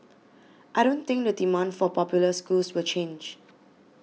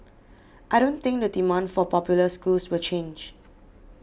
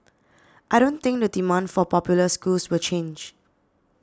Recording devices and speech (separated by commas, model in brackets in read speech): mobile phone (iPhone 6), boundary microphone (BM630), standing microphone (AKG C214), read sentence